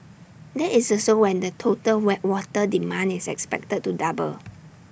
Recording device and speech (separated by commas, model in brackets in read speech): boundary microphone (BM630), read sentence